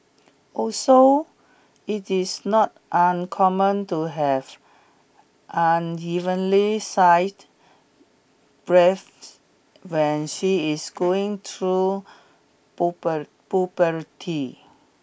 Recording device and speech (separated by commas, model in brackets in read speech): boundary microphone (BM630), read sentence